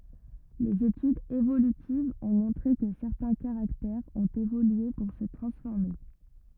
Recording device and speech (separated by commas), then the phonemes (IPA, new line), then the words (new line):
rigid in-ear microphone, read sentence
lez etydz evolytivz ɔ̃ mɔ̃tʁe kə sɛʁtɛ̃ kaʁaktɛʁz ɔ̃t evolye puʁ sə tʁɑ̃sfɔʁme
Les études évolutives ont montré que certains caractères ont évolué pour se transformer.